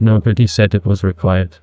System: TTS, neural waveform model